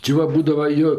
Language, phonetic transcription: Lithuanian, či ˈva ˈbūdavs ˈjo

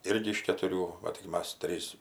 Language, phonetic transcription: Lithuanian, ˈirgi iš ketuˈrių va tik ˈmas ˈtrys

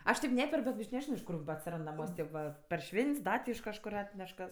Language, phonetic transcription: Lithuanian, ˈaš teip ˈneperk bet aš neˈžino iš ˈkur ba atsiˈrand naˈmuos' ˈtėp va par ˈšvent's' ˈda ti iš kažˈkur ˈatneš kas

